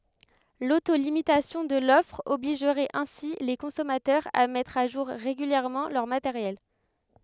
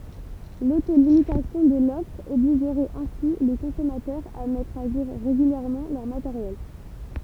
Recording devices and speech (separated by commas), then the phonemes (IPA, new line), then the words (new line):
headset microphone, temple vibration pickup, read sentence
loto limitasjɔ̃ də lɔfʁ ɔbliʒʁɛt ɛ̃si le kɔ̃sɔmatœʁz a mɛtʁ a ʒuʁ ʁeɡyljɛʁmɑ̃ lœʁ mateʁjɛl
L’auto-limitation de l'offre obligerait ainsi les consommateurs à mettre à jour régulièrement leur matériel.